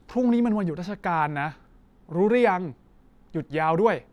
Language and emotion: Thai, neutral